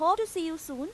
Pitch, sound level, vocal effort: 330 Hz, 94 dB SPL, loud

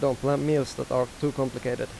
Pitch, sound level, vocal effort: 135 Hz, 87 dB SPL, normal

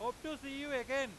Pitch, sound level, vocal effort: 275 Hz, 103 dB SPL, very loud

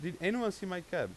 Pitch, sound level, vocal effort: 185 Hz, 92 dB SPL, loud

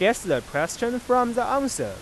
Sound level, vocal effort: 94 dB SPL, normal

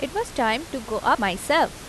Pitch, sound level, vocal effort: 250 Hz, 86 dB SPL, normal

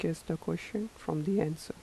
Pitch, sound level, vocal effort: 175 Hz, 78 dB SPL, soft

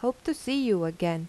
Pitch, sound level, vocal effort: 240 Hz, 83 dB SPL, normal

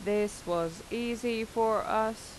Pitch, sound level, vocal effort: 220 Hz, 87 dB SPL, normal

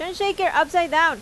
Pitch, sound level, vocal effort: 335 Hz, 95 dB SPL, very loud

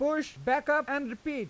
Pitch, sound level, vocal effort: 285 Hz, 97 dB SPL, loud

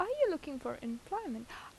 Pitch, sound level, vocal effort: 330 Hz, 82 dB SPL, normal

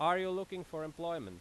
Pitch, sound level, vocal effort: 170 Hz, 94 dB SPL, very loud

